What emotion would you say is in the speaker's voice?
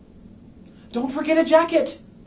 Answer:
fearful